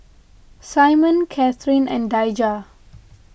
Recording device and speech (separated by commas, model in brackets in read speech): boundary microphone (BM630), read sentence